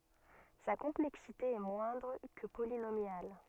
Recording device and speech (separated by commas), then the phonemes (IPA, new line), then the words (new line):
soft in-ear microphone, read sentence
sa kɔ̃plɛksite ɛ mwɛ̃dʁ kə polinomjal
Sa complexité est moindre que polynomiale.